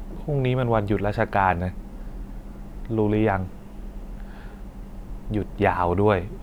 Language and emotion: Thai, frustrated